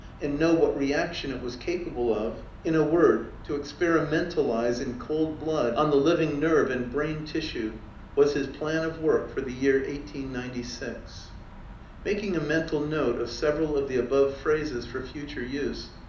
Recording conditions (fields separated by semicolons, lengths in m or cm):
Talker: one person; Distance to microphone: 2.0 m; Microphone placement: close; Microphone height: 99 cm; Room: medium-sized (5.7 m by 4.0 m); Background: none